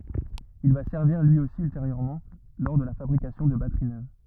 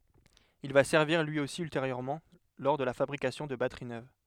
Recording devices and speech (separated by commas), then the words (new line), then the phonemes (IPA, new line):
rigid in-ear microphone, headset microphone, read sentence
Il va servir lui aussi ultérieurement lors de la fabrication de batteries neuves.
il va sɛʁviʁ lyi osi ylteʁjøʁmɑ̃ lɔʁ də la fabʁikasjɔ̃ də batəʁi nøv